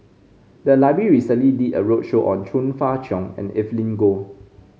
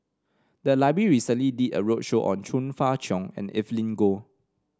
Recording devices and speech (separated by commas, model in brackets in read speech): mobile phone (Samsung C5), standing microphone (AKG C214), read sentence